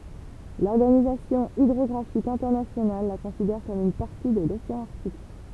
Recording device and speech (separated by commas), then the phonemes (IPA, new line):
temple vibration pickup, read sentence
lɔʁɡanizasjɔ̃ idʁɔɡʁafik ɛ̃tɛʁnasjonal la kɔ̃sidɛʁ kɔm yn paʁti də loseɑ̃ aʁtik